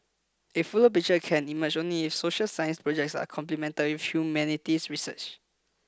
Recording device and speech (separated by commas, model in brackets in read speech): close-talking microphone (WH20), read sentence